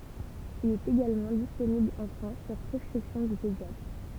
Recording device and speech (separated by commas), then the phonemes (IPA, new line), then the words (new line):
temple vibration pickup, read sentence
il ɛt eɡalmɑ̃ disponibl ɑ̃ fʁɑ̃s syʁ pʁɛskʁipsjɔ̃ dy pedjatʁ
Il est également disponible en France sur prescription du pédiatre.